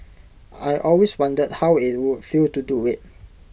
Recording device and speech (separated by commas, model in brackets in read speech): boundary microphone (BM630), read sentence